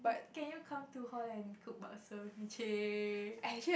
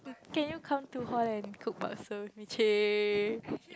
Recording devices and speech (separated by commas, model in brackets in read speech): boundary microphone, close-talking microphone, conversation in the same room